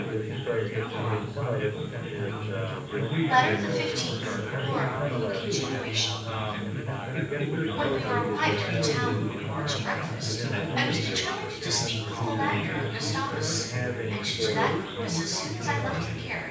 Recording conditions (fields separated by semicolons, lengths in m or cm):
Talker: one person; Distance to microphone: 9.8 m; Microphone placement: far; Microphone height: 1.8 m; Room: large; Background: babble